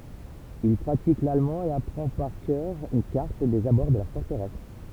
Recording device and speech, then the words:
temple vibration pickup, read sentence
Il pratique l'allemand et apprend par cœur une carte des abords de la forteresse.

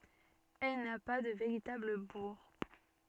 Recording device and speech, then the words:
soft in-ear microphone, read sentence
Elle n'a pas de véritable bourg.

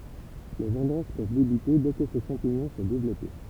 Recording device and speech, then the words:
temple vibration pickup, read sentence
Les vendanges peuvent débuter dès que ce champignon s'est développé.

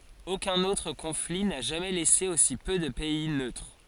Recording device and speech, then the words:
forehead accelerometer, read sentence
Aucun autre conflit n'a jamais laissé aussi peu de pays neutres.

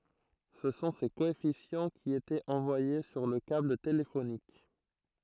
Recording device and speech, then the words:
throat microphone, read sentence
Ce sont ces coefficients qui étaient envoyés sur le câble téléphonique.

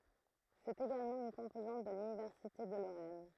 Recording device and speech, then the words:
throat microphone, read sentence
C’est également une composante de l’université de Lorraine.

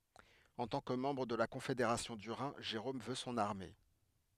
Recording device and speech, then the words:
headset microphone, read sentence
En tant que membre de la Confédération du Rhin, Jérôme veut son armée.

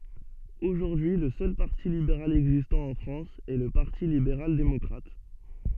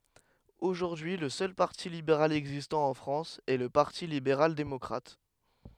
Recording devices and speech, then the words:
soft in-ear microphone, headset microphone, read sentence
Aujourd'hui le seul parti libéral existant en France est le Parti libéral démocrate.

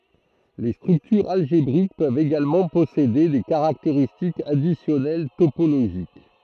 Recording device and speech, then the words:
throat microphone, read sentence
Les structures algébriques peuvent également posséder des caractéristiques additionnelles topologiques.

